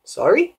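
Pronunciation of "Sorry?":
'Sorry?' is said with rising intonation.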